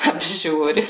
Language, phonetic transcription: Lithuanian, apˈžiūri

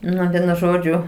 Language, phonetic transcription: Lithuanian, ˈnu ˈvienu ˈžodžiu

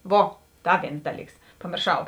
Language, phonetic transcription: Lithuanian, ˈvo ˈda ˈvėns ˈdaˌlyks pamėrˈšau

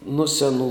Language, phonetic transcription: Lithuanian, nu seˈnų

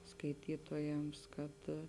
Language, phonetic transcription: Lithuanian, skaiˈtytojams kad

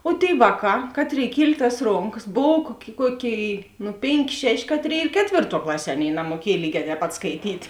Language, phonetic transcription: Lithuanian, o tėi ˈvāˌkā ˈkatˌrėi ˈkiel' tas ˈronkas ˈbov kuok' ˈkuoˌkėi nu ˈpėnˌkė ˈšeˌšė ˈkatˌrėi ir ˈketvėrˌtuo ˈklaˌsie ˈaˌnėi namuoˈkiej ˈlygē tēp ˈpat skaiˈtyt

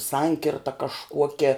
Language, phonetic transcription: Lithuanian, ˈsankirta kažˈkuokia

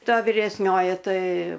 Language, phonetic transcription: Lithuanian, ˈta viresˈnioji ˈtai

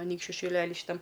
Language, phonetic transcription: Lithuanian, aˈnykščiu šiˈlely šyˈtam

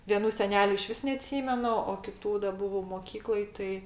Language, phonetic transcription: Lithuanian, vieˈnų seˈneliu iˈšvis neaˈtsymenu o kiˈtų da ˈbuvau moˈkykloj ˈtai

